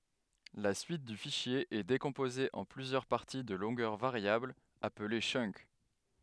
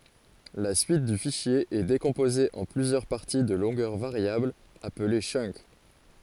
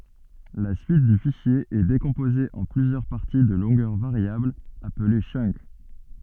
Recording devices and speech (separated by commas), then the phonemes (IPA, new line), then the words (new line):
headset microphone, forehead accelerometer, soft in-ear microphone, read sentence
la syit dy fiʃje ɛ dekɔ̃poze ɑ̃ plyzjœʁ paʁti də lɔ̃ɡœʁ vaʁjablz aple tʃœnk
La suite du fichier est décomposée en plusieurs parties de longueurs variables, appelées chunk.